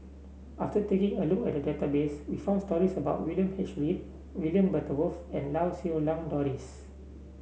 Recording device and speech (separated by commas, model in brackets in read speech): mobile phone (Samsung C7), read sentence